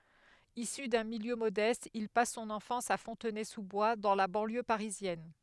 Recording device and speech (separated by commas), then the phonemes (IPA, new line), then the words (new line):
headset microphone, read sentence
isy dœ̃ miljø modɛst il pas sɔ̃n ɑ̃fɑ̃s a fɔ̃tnɛzuzbwa dɑ̃ la bɑ̃ljø paʁizjɛn
Issu d'un milieu modeste, il passe son enfance à Fontenay-sous-Bois, dans la banlieue parisienne.